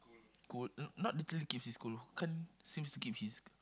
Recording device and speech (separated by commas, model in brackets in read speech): close-talking microphone, conversation in the same room